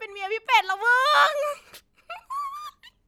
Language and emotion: Thai, happy